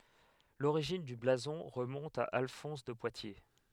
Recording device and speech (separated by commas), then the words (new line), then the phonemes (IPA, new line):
headset microphone, read sentence
L'origine du blason remonte à Alphonse de Poitiers.
loʁiʒin dy blazɔ̃ ʁəmɔ̃t a alfɔ̃s də pwatje